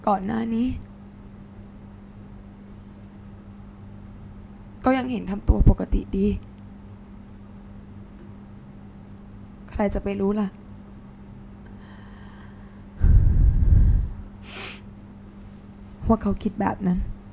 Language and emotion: Thai, sad